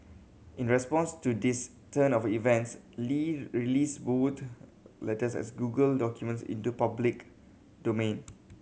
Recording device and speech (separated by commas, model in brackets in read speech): mobile phone (Samsung C7100), read sentence